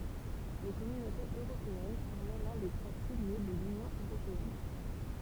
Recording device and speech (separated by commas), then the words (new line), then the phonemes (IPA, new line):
temple vibration pickup, read sentence
Les Communautés européennes formaient l'un des trois piliers de l'Union européenne.
le kɔmynotez øʁopeɛn fɔʁmɛ lœ̃ de tʁwa pilje də lynjɔ̃ øʁopeɛn